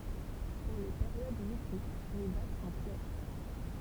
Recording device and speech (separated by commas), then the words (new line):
temple vibration pickup, read sentence
Pour les périodes mythiques, les dates sont claires.